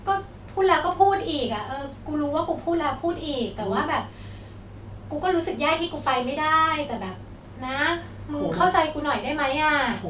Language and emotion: Thai, frustrated